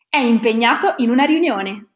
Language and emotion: Italian, happy